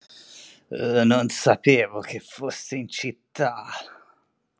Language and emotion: Italian, disgusted